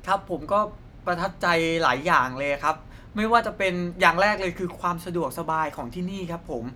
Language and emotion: Thai, neutral